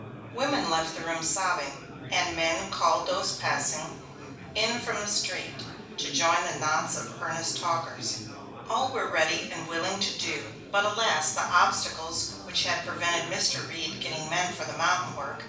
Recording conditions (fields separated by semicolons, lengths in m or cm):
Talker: one person; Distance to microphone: 5.8 m; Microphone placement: far; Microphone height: 1.8 m; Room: medium-sized (5.7 m by 4.0 m); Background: babble